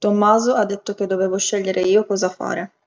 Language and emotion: Italian, neutral